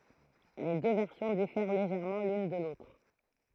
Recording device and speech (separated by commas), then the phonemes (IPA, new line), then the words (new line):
throat microphone, read sentence
le dø vɛʁsjɔ̃ difɛʁ leʒɛʁmɑ̃ lyn də lotʁ
Les deux versions diffèrent légèrement l’une de l’autre.